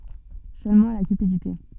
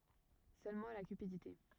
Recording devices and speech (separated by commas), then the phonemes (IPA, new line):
soft in-ear microphone, rigid in-ear microphone, read sentence
sølmɑ̃ la kypidite